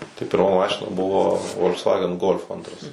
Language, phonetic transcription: Lithuanian, tai pirˈma ˈmašina ˈbuvo volksˈvagen gol'f ˈantras

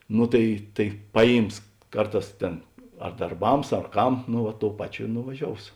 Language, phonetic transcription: Lithuanian, ˈno tai tai ˈpaˌjyms ˈkarˌtās ˈtėn ar darˈbams ar ˈkam nu ˈva ˈtou ˈpaˌčio i nuvaˈžious

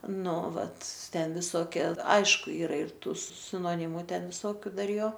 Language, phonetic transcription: Lithuanian, ˈnu ˈvat ˈten viˈsokė ˈaišku ˈyra ir ˈtų sinoˈnimu ˈten viˈsokiu ˈdar ˈjo

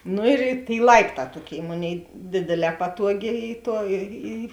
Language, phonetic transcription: Lithuanian, ˈnu ir i tėi ˈlaipˌtā ˈtuoˌkėi ˈmoˌnėi ˈdėdėˌlē ˈpatuoˌgė ˈy ˈtuo ˈy i

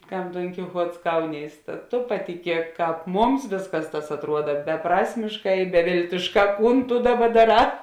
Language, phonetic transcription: Lithuanian, ˈkam ˈdonkiˌchuots ˈkaunys ta to patiˈkiek ˈkāp ˈmums ˈvėsˌkas tas atˈruoda beˈprasmišˌkā i beˈvėltišˌkā ˈkūn tu ˈdaˌba daˈrā

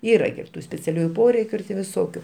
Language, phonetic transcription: Lithuanian, ˈyra gi ir ˈtų speciaˈliųju ˈporeikiu ir tė viˈsokiu

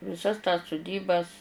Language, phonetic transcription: Lithuanian, viˈsas tas suˈdybas

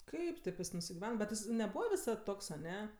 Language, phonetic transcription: Lithuanian, ˈkaip tėp ˈjis nusigiˈven bet ˈjis neˈbūva viˈsad ˈtoks aˈne

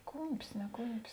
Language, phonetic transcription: Lithuanian, ˈkūmpis ne ˈkūmpis

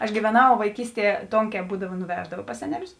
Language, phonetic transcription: Lithuanian, aš gyveˈnau vaiˈkysˌtie ˈtonˌkē ˈbūdava nuˈveždava pas ˈseneˌlius

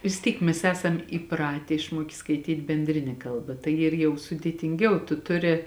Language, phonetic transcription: Lithuanian, vis ˈtyk ˈmes ˈesam įˈpratė išˈmuokė skaiˈtyt' benˈdrine ˈkalˌba tai ˈyr jau sudėtinˈgiau tu ˈtuˌri

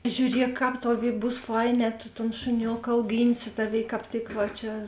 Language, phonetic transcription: Lithuanian, žiūˈriek ˈkāp ˈtaˌvėi ˈbūs ˈfaiˌnē tu ton šuˈnioka auˈgynsi ˈtaˌvėi kāp ˈtik va ˈčia

